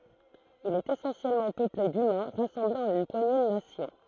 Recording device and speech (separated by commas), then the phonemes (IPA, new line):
throat microphone, read sentence
il ɛt esɑ̃sjɛlmɑ̃ pøple dymɛ̃ ʁasɑ̃blez ɑ̃n yn pwaɲe də nasjɔ̃